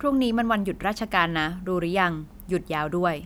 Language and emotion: Thai, neutral